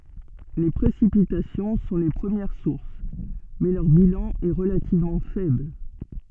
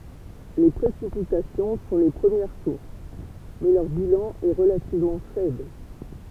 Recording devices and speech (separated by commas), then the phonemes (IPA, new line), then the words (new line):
soft in-ear microphone, temple vibration pickup, read sentence
le pʁesipitasjɔ̃ sɔ̃ le pʁəmjɛʁ suʁs mɛ lœʁ bilɑ̃ ɛ ʁəlativmɑ̃ fɛbl
Les précipitations sont les premières sources, mais leur bilan est relativement faible.